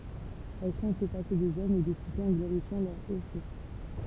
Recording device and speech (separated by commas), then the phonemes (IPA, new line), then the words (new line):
temple vibration pickup, read sentence
ɛl ʃɑ̃t lə pase dez ɔmz e de sitez ɑ̃ ɡloʁifjɑ̃ lœʁ o fɛ
Elle chante le passé des hommes et des cités en glorifiant leurs hauts faits.